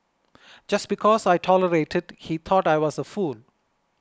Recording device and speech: close-talking microphone (WH20), read sentence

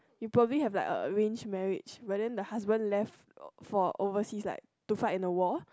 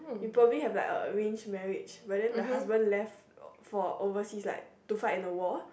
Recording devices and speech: close-talking microphone, boundary microphone, conversation in the same room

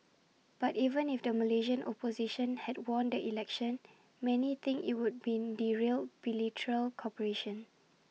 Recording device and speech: mobile phone (iPhone 6), read sentence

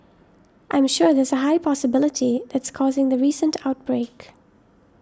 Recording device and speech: standing microphone (AKG C214), read sentence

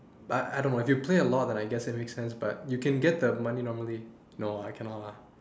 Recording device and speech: standing microphone, conversation in separate rooms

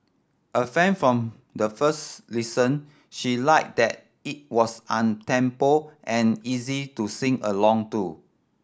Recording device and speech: standing microphone (AKG C214), read sentence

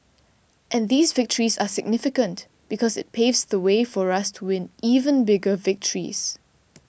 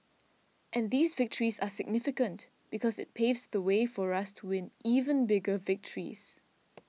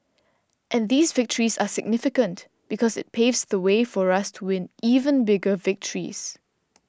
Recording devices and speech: boundary microphone (BM630), mobile phone (iPhone 6), standing microphone (AKG C214), read sentence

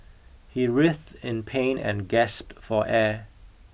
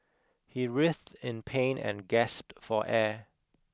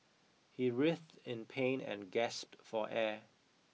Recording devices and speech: boundary microphone (BM630), close-talking microphone (WH20), mobile phone (iPhone 6), read sentence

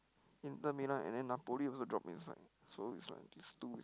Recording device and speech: close-talking microphone, conversation in the same room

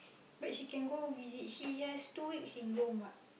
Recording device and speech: boundary microphone, conversation in the same room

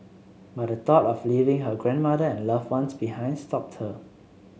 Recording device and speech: mobile phone (Samsung C7), read sentence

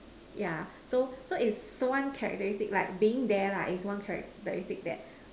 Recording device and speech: standing microphone, conversation in separate rooms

